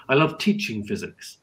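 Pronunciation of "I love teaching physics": In 'I love teaching physics', the stress falls on 'teaching'.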